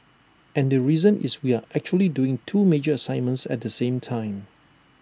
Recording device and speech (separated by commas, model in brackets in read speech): standing microphone (AKG C214), read sentence